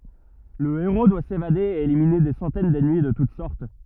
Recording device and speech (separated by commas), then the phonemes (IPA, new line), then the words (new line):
rigid in-ear microphone, read sentence
lə eʁo dwa sevade e elimine de sɑ̃tɛn dɛnmi də tut sɔʁt
Le héros doit s'évader et éliminer des centaines d'ennemis de toute sorte.